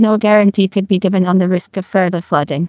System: TTS, neural waveform model